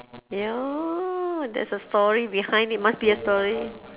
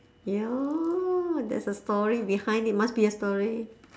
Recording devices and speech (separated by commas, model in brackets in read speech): telephone, standing microphone, conversation in separate rooms